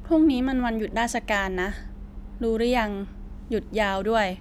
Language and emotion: Thai, frustrated